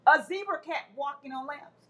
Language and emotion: English, disgusted